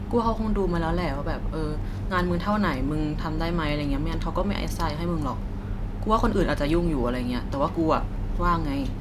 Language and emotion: Thai, neutral